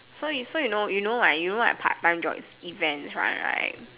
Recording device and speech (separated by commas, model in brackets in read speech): telephone, conversation in separate rooms